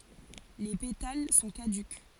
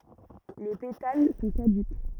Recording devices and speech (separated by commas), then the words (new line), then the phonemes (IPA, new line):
forehead accelerometer, rigid in-ear microphone, read sentence
Les pétales sont caducs.
le petal sɔ̃ kadyk